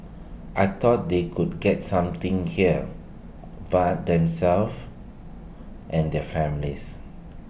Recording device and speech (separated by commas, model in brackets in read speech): boundary microphone (BM630), read sentence